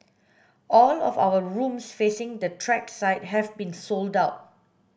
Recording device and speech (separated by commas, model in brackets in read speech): boundary microphone (BM630), read sentence